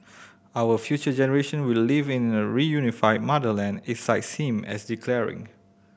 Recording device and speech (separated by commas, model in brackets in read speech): boundary microphone (BM630), read sentence